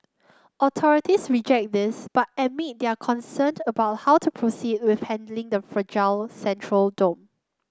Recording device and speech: close-talking microphone (WH30), read sentence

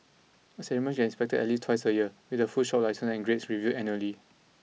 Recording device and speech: mobile phone (iPhone 6), read sentence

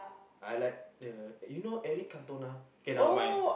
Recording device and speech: boundary microphone, conversation in the same room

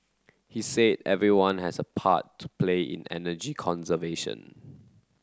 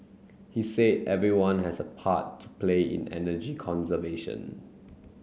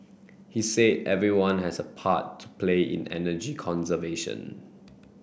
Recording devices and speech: close-talking microphone (WH30), mobile phone (Samsung C9), boundary microphone (BM630), read sentence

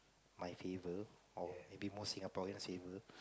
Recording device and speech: close-talking microphone, conversation in the same room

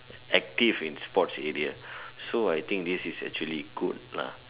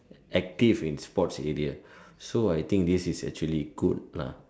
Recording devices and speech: telephone, standing microphone, conversation in separate rooms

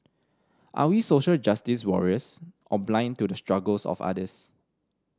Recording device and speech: standing microphone (AKG C214), read sentence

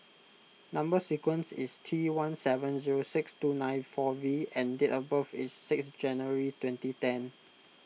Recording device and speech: mobile phone (iPhone 6), read sentence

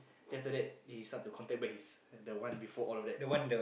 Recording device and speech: boundary microphone, conversation in the same room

